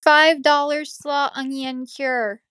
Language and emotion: English, neutral